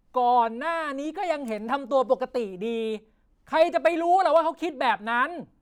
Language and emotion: Thai, angry